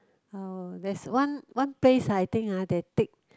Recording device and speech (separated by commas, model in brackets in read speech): close-talking microphone, conversation in the same room